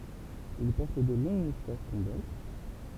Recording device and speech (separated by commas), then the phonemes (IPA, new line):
temple vibration pickup, read sentence
il pɔʁt də lɔ̃ɡ mustaʃ tɔ̃bɑ̃t